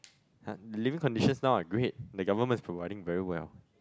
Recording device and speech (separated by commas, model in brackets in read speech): close-talking microphone, conversation in the same room